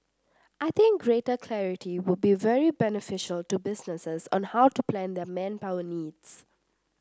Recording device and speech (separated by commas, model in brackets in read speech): standing microphone (AKG C214), read sentence